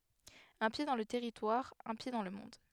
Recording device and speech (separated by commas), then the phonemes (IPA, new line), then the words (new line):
headset microphone, read sentence
œ̃ pje dɑ̃ lə tɛʁitwaʁ œ̃ pje dɑ̃ lə mɔ̃d
Un pied dans le territoire, un pied dans le monde.